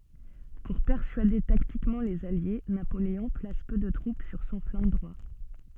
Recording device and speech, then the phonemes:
soft in-ear microphone, read sentence
puʁ pɛʁsyade taktikmɑ̃ lez alje napoleɔ̃ plas pø də tʁup syʁ sɔ̃ flɑ̃ dʁwa

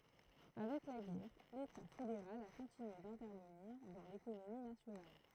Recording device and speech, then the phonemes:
throat microphone, read sentence
avɛk la ɡɛʁ leta fedeʁal a kɔ̃tinye dɛ̃tɛʁvəniʁ dɑ̃ lekonomi nasjonal

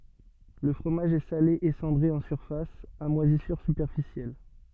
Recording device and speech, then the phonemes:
soft in-ear microphone, read sentence
lə fʁomaʒ ɛ sale e sɑ̃dʁe ɑ̃ syʁfas a mwazisyʁ sypɛʁfisjɛl

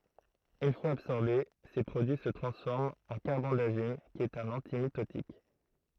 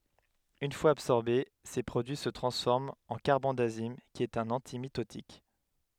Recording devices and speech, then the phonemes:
throat microphone, headset microphone, read sentence
yn fwaz absɔʁbe se pʁodyi sə tʁɑ̃sfɔʁmt ɑ̃ kaʁbɑ̃dazim ki ɛt œ̃n ɑ̃timitotik

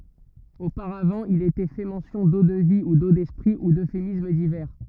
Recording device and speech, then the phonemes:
rigid in-ear microphone, read sentence
opaʁavɑ̃ il etɛ fɛ mɑ̃sjɔ̃ do də vi u do dɛspʁi u døfemism divɛʁ

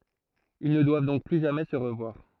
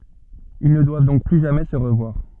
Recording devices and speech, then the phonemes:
throat microphone, soft in-ear microphone, read sentence
il nə dwav dɔ̃k ply ʒamɛ sə ʁəvwaʁ

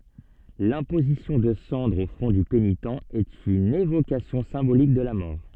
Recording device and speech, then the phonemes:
soft in-ear microphone, read sentence
lɛ̃pozisjɔ̃ də sɑ̃dʁz o fʁɔ̃ dy penitɑ̃ ɛt yn evokasjɔ̃ sɛ̃bolik də la mɔʁ

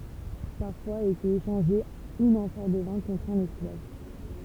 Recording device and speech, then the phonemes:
temple vibration pickup, read sentence
paʁfwaz etɛt eʃɑ̃ʒe yn ɑ̃fɔʁ də vɛ̃ kɔ̃tʁ œ̃n ɛsklav

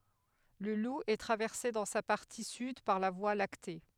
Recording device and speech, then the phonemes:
headset microphone, read sentence
lə lu ɛ tʁavɛʁse dɑ̃ sa paʁti syd paʁ la vwa lakte

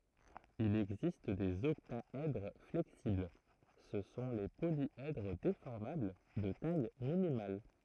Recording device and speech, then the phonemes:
throat microphone, read sentence
il ɛɡzist dez ɔktaɛdʁ flɛksibl sə sɔ̃ le poljɛdʁ defɔʁmabl də taj minimal

